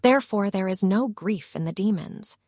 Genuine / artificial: artificial